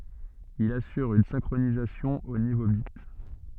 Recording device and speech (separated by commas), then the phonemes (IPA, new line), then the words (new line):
soft in-ear microphone, read sentence
il asyʁ yn sɛ̃kʁonizasjɔ̃ o nivo bit
Il assure une synchronisation au niveau bit.